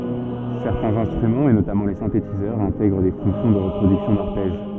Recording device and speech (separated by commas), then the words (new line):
soft in-ear microphone, read sentence
Certains instruments et notamment les synthétiseurs intègrent des fonctions de reproduction d'arpèges.